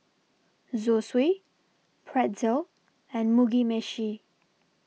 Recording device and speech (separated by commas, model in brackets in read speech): mobile phone (iPhone 6), read sentence